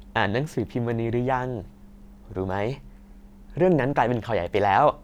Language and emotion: Thai, happy